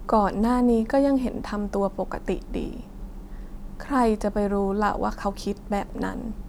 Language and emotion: Thai, sad